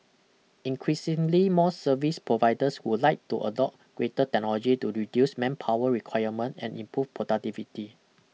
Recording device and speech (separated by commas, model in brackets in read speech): mobile phone (iPhone 6), read sentence